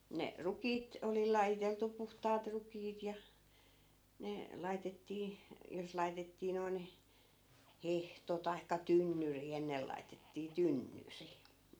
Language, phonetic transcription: Finnish, 'ne , "rukiit , 'oli lajiteltu 'puhtaat 'rukiit ja , 'ne , 'laitettii , jos 'lai̮tettii noi̮n , "hehto tai̮kka "tynnyri 'ennel laitettii "tynnyri .
- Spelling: ne rukiit oli lajiteltu puhtaat rukiit ja ne laitettiin jos laitettiin noin hehto tai tynnyri ennen laitettiin tynnyri

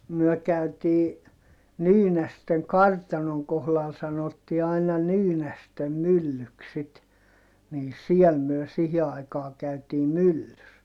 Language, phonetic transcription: Finnish, myɔ̈̀ käytii , Nyynästeŋ kartanoŋ kohlal sanotti aina Nyynästem myllyks sit , nii siɛl myö sihi aikaa käytii myllys .
- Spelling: me käytiin Nyynästen kartanon kohdalla sanottiin aina Nyynästen myllyksi sitten niin siellä me siihen aikaan käytiin myllyssä

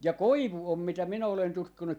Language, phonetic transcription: Finnish, ja "koivu om mitä 'minä olen 'tutkinu , .
- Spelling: ja koivu on mitä minä olen tutkinut

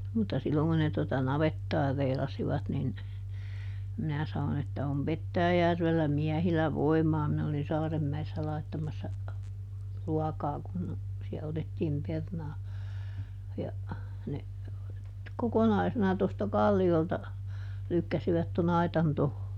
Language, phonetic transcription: Finnish, mutta ˈsilloŋ kun ne tota "navettaa ˈreilasivat nin , ˈminä ˈsanon ‿että » om "Pettääjärvellä ˈmiähilä "voimaa » - minä olin ˈSaaremmäessä ˈlaittamassa , ˈruakaa kun , siä ˈotettiim ˈpernaa , ja , ne , "kokonaisena tosta "kalli₍olta , ˈlykkäsivät toˈn ‿aitan ˈtoho .
- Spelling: mutta silloin kun ne tuota navettaa reilasivat niin minä sanoin että on Petäjäjärvellä miehillä voimaa minä olin Saarenmäessä laittamassa ruokaa kun siellä otettiin perunaa ja ne kokonaisena tuosta kalliolta lykkäsivät tuon aitan tuohon

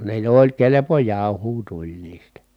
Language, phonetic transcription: Finnish, ne jo oĺ kelepo jàuhuu tuĺ niistä .
- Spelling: ne jo oli kelpo jauhoa tuli niistä

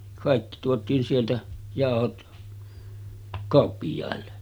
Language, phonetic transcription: Finnish, 'kàikki tuot̀iin sieltä , 'jàohot , 'kàoppij̀àelle .
- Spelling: kaikki tuotiin sieltä jauhot kauppiaille

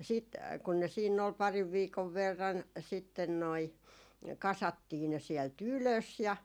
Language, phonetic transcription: Finnish, ja siit , kun ne siinn ‿ol 'pariv 'viikov 'verran , sitten noi , 'kasattii ne siɛl"t ‿ylös ja ,.
- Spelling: ja sitten kun ne siinä oli parin viikon verran sitten noin kasattiin ne sieltä ylös ja

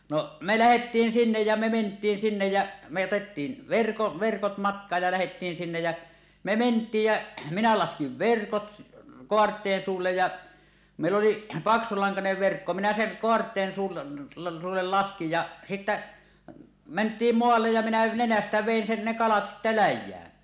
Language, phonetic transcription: Finnish, no , me 'lähettiin 'sinnej jä me ment̀iin 'sinnej jä , me otettiin , verko- 'verkot "matk̀aaj ja lähettiin sinnej jä , me "ment̀iij jä , minä 'laskiv "verkot , "koart̀een 'suullej ja , mèill ‿oli , 'paksulaŋkanev verkko minä seŋ 'koart̀een suul- , suuullel 'laskij ja , sittä , "ment̀iim 'moallej ja minä 'nenästä 'vèin sen ne kalat sittä "läj̆jään .
- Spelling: no me lähdettiin sinne ja me mentiin sinne ja me otettiin - verkot matkaan ja lähdettiin sinne ja me mentiin ja minä laskin verkot kaarteen suulle ja meillä oli paksulankainen verkko minä sen kaarteen - suulle laskin ja sitten mentiin maalle ja minä nenästä vedin sen ne kalat sitten läjään

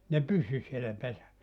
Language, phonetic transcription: Finnish, se "pysy sielä 'pesä(ssä) .
- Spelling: se pysyi siellä pesässä

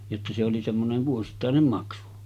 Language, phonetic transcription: Finnish, jotta se oli semmonen̳§ 'vuosittàenem 'maksu .
- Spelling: jotta se oli semmoinen vuosittainen maksu

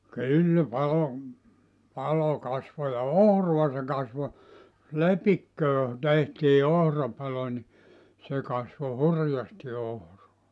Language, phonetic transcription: Finnish, 'kyllä 'palo , 'palo 'kasvo ja "ohrua se kasvo , "lepikköö , tehtii 'ohrapalo ni , se kasvo "hurjasti 'ohroa .
- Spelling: kyllä palo palo kasvoi ja ohraa se kasvoi lepikkoon tehtiin ohrapalo niin se kasvoi hurjasti ohraa

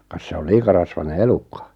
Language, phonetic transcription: Finnish, kas 'se ol 'liika rasvane "elukka .
- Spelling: kas se oli liian rasvainen elukka

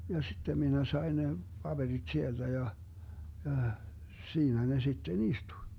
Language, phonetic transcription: Finnish, ja 'sittem 'minä sai̮ ne , 'paBeriD 'sielDä ja , jàh , siinä ne sitten "istuⁱ .
- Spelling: ja sitten minä sain ne paperit sieltä ja ja siinä ne sitten istui

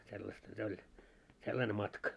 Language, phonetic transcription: Finnish, 'sellasta se 'oĺ , "sellane 'matka .
- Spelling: sellaista se oli sellainen matka

